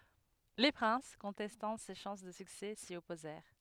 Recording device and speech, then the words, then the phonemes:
headset microphone, read sentence
Les princes, contestant ses chances de succès, s'y opposèrent.
le pʁɛ̃s kɔ̃tɛstɑ̃ se ʃɑ̃s də syksɛ si ɔpozɛʁ

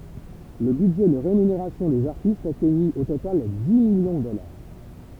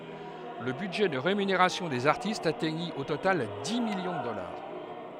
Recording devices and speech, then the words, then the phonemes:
temple vibration pickup, headset microphone, read sentence
Le budget de rémunération des artistes atteignit au total dix millions de dollars.
lə bydʒɛ də ʁemyneʁasjɔ̃ dez aʁtistz atɛɲi o total di miljɔ̃ də dɔlaʁ

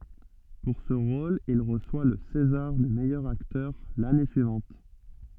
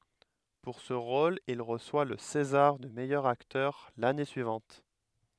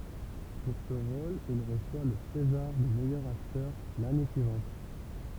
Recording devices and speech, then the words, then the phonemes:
soft in-ear microphone, headset microphone, temple vibration pickup, read sentence
Pour ce rôle il reçoit le césar du meilleur acteur l'année suivante.
puʁ sə ʁol il ʁəswa lə sezaʁ dy mɛjœʁ aktœʁ lane syivɑ̃t

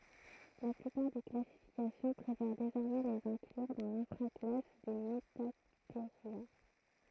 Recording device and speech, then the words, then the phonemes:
throat microphone, read sentence
La plupart des classifications préfèrent désormais les inclure dans l'infra-classe des Metatheria.
la plypaʁ de klasifikasjɔ̃ pʁefɛʁ dezɔʁmɛ lez ɛ̃klyʁ dɑ̃ lɛ̃fʁa klas de mətateʁja

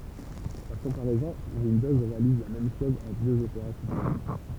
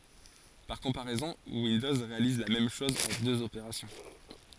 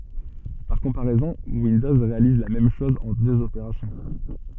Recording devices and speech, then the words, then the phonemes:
temple vibration pickup, forehead accelerometer, soft in-ear microphone, read sentence
Par comparaison, Windows réalise la même chose en deux opérations.
paʁ kɔ̃paʁɛzɔ̃ windɔz ʁealiz la mɛm ʃɔz ɑ̃ døz opeʁasjɔ̃

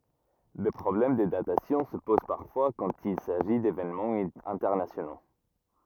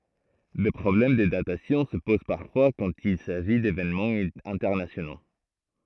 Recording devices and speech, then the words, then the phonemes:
rigid in-ear microphone, throat microphone, read sentence
Des problèmes de datation se posent parfois quand il s'agit d'événements internationaux.
de pʁɔblɛm də datasjɔ̃ sə poz paʁfwa kɑ̃t il saʒi devenmɑ̃z ɛ̃tɛʁnasjono

